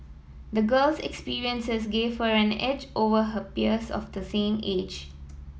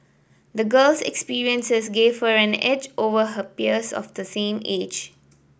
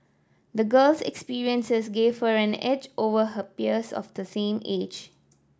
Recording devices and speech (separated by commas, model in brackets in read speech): mobile phone (iPhone 7), boundary microphone (BM630), standing microphone (AKG C214), read sentence